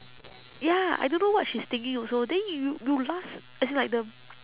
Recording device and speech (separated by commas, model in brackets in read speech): telephone, conversation in separate rooms